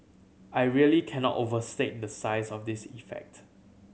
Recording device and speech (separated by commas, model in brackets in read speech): mobile phone (Samsung C7100), read sentence